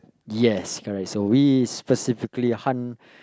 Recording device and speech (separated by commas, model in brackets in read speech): close-talking microphone, conversation in the same room